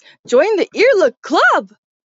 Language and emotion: English, surprised